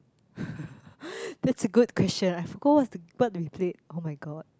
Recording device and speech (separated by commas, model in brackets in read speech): close-talking microphone, conversation in the same room